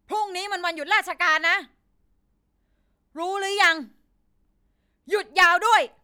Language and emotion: Thai, angry